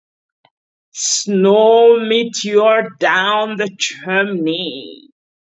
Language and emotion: English, disgusted